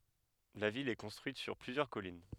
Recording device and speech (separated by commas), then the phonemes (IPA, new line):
headset microphone, read sentence
la vil ɛ kɔ̃stʁyit syʁ plyzjœʁ kɔlin